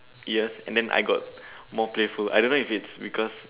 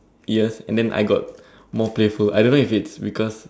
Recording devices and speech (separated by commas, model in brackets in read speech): telephone, standing microphone, conversation in separate rooms